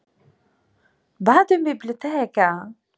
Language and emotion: Italian, surprised